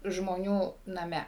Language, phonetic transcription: Lithuanian, žmoˈnių naˈme

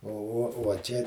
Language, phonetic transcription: Lithuanian, o uo uo ˈčia

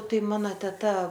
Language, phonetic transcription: Lithuanian, ˈtai ˈmano teˈta

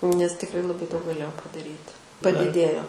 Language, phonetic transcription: Lithuanian, nes tikˈrai laˈbai daug gaˈlėjau padaˈryti padiˈdėjo

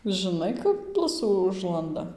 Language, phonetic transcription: Lithuanian, žɨˈnai kap ˈblusų ˈužlanda

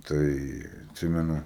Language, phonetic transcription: Lithuanian, ˈtai atˈsimenu

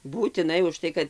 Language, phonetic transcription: Lithuanian, būtiˈnai užˈtai kad

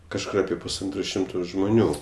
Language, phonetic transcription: Lithuanian, kažˈkur aˈpie pusˈantro ˈšimto žmuˈnių

